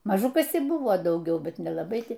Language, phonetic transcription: Lithuanian, maˈžu ˈkas ir ˈbuvo dauˈgiau ˈbet nelaˈbai ˈtai

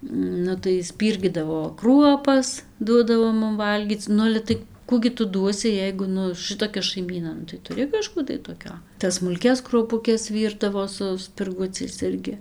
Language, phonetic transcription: Lithuanian, ˈnu tai ˈspyrgydavo ˈkruopas ˈduodavo ˈmum ˈvalgyc ˈnu ale ˈtai ˈkų gi ˈtu ˈduosi ˈjeigu ˈnu ˈšɨtokia šaiˈmyna ˈnu tai tuˈri kaˈžkų tai toˈkio tas smulˈkias kruopuˈkes ˈvyrdavo su spirˈguciais ˈirgi

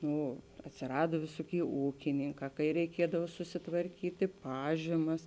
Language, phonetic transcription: Lithuanian, ˈnu atsiˈrado ˈvisoˌkėi ˈūkininˌkā kai reiˈkiedav susitvarˈkyti ˈpažymas

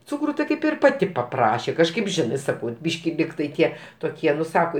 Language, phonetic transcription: Lithuanian, ˈcukru ti ˈkaip ir ˈpati paˈprašė kažˈkaip ˈžinɜ ˈsakau ˈbyški ˈlygtai ˈtie toˈkie ˈnu ˈsako

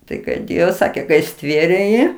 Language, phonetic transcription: Lithuanian, ˈtai kai ˈdėjo ˈsakė kai ˈstvėrė ˈjį

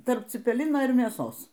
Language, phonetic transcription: Lithuanian, ˈtarp cipeˈlino ir mėˈsos

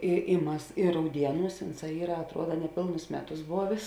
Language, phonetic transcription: Lithuanian, i i ˈmas ir rauˈdieˌnūs ˈunˌsā ˈyra atˈruoda neˈpėlnus ˈmeˌtus ˈbovės

